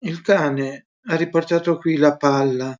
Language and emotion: Italian, sad